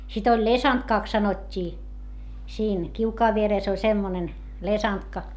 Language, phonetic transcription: Finnish, sit ‿oĺ lesantkàks sanot́t́ii , siin , kiukaav vierès ‿oĺ semmonen , lesantka .
- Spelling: sitten oli lesantkaksi sanottiin siinä kiukaan vieressä oli semmoinen lesantka

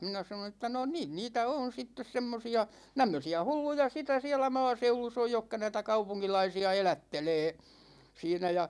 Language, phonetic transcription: Finnish, 'minä sanon ‿ᵉttä » no 'niin 'niitä on̬ 'sittes 'semmosi₍a , 'tämmösi₍ä "hulluja 'sitä 'siälä "maaseulus ‿oj jokka näitä "kaupuŋkilaisi₍a 'elättelee « , 'siinä ja .
- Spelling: minä sanoin että no niin niitä on sitten semmoisia tämmöisiä hulluja sitä siellä maaseudussa on jotka näitä kaupunkilaisia elättelee siinä ja

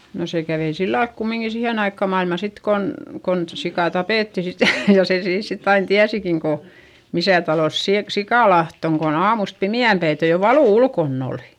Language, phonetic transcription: Finnish, no se kävei sillalk kummiŋki sihèn ‿aikka mailma sit kon , kon sikà tapètti sit ja , ja se siins sitt ‿ain tiäsikin ko , misä̀ talòs siik- , sikàlaht ‿oŋ kon ‿aamust pimi₍ämpäitej jo valù ulkonn ‿òli .
- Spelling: no se kävi sillä lailla kumminkin siihen aikaan maailmaa sitten kun kun sika tapettiin sitten ja ja sen siinä sitten aina tiesikin kun missä talossa - sikalahti on kun aamusta pimeänpäiten jo valu ulkona oli

